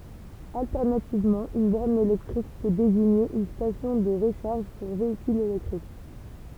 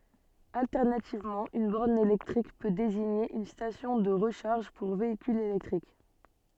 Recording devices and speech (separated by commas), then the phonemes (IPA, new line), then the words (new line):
temple vibration pickup, soft in-ear microphone, read sentence
altɛʁnativmɑ̃ yn bɔʁn elɛktʁik pø deziɲe yn stasjɔ̃ də ʁəʃaʁʒ puʁ veikylz elɛktʁik
Alternativement, une borne électrique peut désigner une station de recharge pour véhicules électriques.